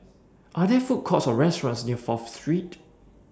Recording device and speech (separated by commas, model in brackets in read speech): standing microphone (AKG C214), read sentence